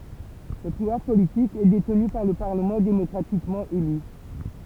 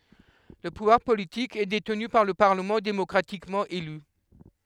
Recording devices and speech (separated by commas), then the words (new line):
temple vibration pickup, headset microphone, read sentence
Le pouvoir politique est détenu par le Parlement démocratiquement élu.